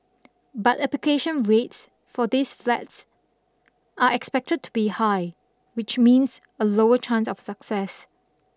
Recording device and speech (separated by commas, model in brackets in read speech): standing microphone (AKG C214), read sentence